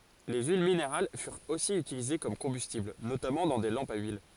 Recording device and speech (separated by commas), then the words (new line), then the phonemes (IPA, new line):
forehead accelerometer, read sentence
Les huiles minérales furent aussi utilisées comme combustible, notamment dans des lampes à huile.
le yil mineʁal fyʁt osi ytilize kɔm kɔ̃bystibl notamɑ̃ dɑ̃ de lɑ̃pz a yil